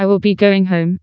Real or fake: fake